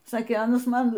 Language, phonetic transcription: Lithuanian, ˈsakė ˈanas ˈman

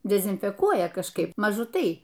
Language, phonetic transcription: Lithuanian, dezinfeˈkuoja kažˈkaip maˈžu ˈtai

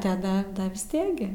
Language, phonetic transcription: Lithuanian, taˈda ˈda vis ˈtiek gi

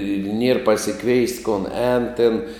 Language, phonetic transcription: Lithuanian, ir ˈnier pasiˈkveist kon ˈēn tėn

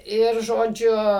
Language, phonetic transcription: Lithuanian, ˈir žoˈdžiu

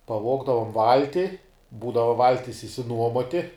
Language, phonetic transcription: Lithuanian, paˈvogdavom ˈvalti ˈbūdava ˈvaltis išsiˈnuomoti

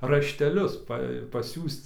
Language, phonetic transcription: Lithuanian, rašteˈlius ˈpa paˈsiųsc

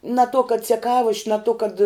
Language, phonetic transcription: Lithuanian, na to kad ceˈkavoš' na to kad

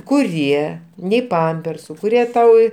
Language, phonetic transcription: Lithuanian, kuˈrie nei ˈpampersu kuˈrie ˈtau

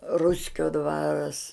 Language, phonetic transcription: Lithuanian, ˈruskio ˈdvaras

